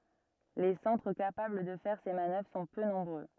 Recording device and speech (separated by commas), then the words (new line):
rigid in-ear microphone, read sentence
Les centres capables de faire ces manœuvres sont peu nombreux.